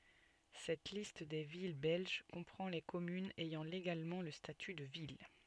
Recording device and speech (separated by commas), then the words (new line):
soft in-ear microphone, read sentence
Cette liste des villes belges comprend les communes ayant légalement le statut de ville.